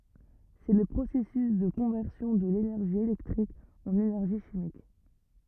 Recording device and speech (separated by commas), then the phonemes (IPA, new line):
rigid in-ear microphone, read sentence
sɛ lə pʁosɛsys də kɔ̃vɛʁsjɔ̃ də lenɛʁʒi elɛktʁik ɑ̃n enɛʁʒi ʃimik